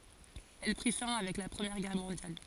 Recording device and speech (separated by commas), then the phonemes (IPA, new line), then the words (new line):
forehead accelerometer, read sentence
ɛl pʁi fɛ̃ avɛk la pʁəmjɛʁ ɡɛʁ mɔ̃djal
Elle prit fin avec la Première Guerre mondiale.